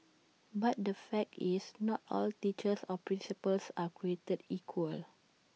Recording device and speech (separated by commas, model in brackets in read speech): mobile phone (iPhone 6), read sentence